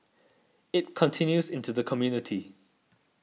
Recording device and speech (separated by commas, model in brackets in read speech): mobile phone (iPhone 6), read sentence